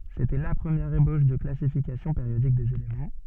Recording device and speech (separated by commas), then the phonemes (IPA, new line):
soft in-ear microphone, read sentence
setɛ la pʁəmjɛʁ eboʃ də klasifikasjɔ̃ peʁjodik dez elemɑ̃